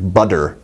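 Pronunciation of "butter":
The middle consonant in 'butter' is said as a d sound, not as a tap.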